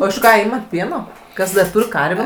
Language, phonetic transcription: Lithuanian, o iš ˈką ˈymat ˈpieno ˈkas dar ˈtūr' ˈkarvė

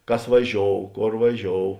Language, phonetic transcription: Lithuanian, ˈkas vaˈžiou ˈkor vaˈžiou

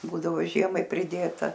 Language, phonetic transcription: Lithuanian, ˈbūdavo ˈžiemai priˈdėta

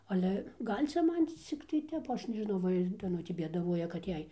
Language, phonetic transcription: Lithuanian, aˈle ˈgal' ˈcia ˈman ˈciktai ˈtep ˈaš nežiˈnau ˈva ir daˈnutė bėdaˈvuoja kad ˈjai

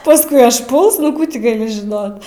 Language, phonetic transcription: Lithuanian, pasˈkui ažˈpuls nu ˈkų ti gaˈli žiˈnot

